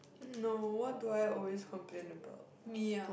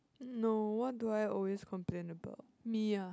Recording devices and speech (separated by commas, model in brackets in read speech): boundary microphone, close-talking microphone, conversation in the same room